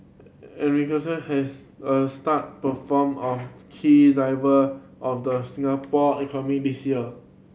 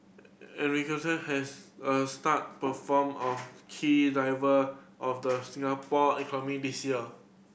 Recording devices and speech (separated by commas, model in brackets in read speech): mobile phone (Samsung C7100), boundary microphone (BM630), read sentence